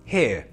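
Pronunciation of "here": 'Here' is said in a non-rhotic British accent, so the R at the end is not pronounced.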